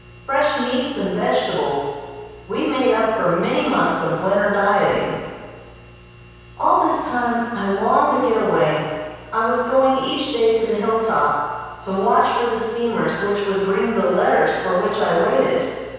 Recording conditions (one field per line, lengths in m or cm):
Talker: one person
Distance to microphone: 7.1 m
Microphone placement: far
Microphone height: 1.7 m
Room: very reverberant, large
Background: none